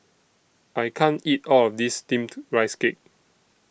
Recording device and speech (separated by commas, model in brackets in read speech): boundary microphone (BM630), read sentence